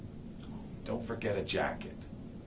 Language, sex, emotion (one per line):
English
male
neutral